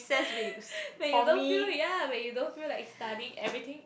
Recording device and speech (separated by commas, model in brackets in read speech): boundary microphone, conversation in the same room